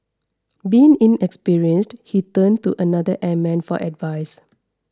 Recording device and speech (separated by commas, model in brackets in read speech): standing microphone (AKG C214), read sentence